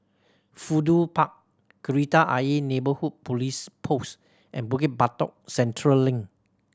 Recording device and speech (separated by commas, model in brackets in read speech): standing microphone (AKG C214), read sentence